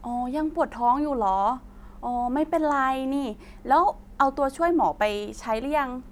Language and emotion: Thai, neutral